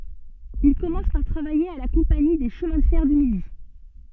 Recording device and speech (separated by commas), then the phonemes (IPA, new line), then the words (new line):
soft in-ear microphone, read sentence
il kɔmɑ̃s paʁ tʁavaje a la kɔ̃pani de ʃəmɛ̃ də fɛʁ dy midi
Il commence par travailler à la Compagnie des chemins de fer du Midi.